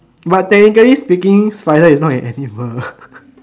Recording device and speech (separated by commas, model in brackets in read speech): standing microphone, conversation in separate rooms